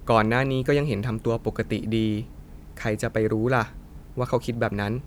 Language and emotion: Thai, neutral